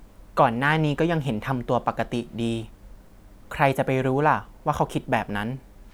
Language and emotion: Thai, neutral